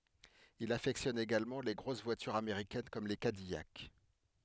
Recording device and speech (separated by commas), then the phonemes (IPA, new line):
headset microphone, read sentence
il afɛktjɔn eɡalmɑ̃ le ɡʁos vwatyʁz ameʁikɛn kɔm le kadijak